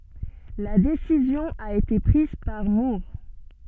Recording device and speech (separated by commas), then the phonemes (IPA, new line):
soft in-ear microphone, read sentence
la desizjɔ̃ a ete pʁiz paʁ muʁ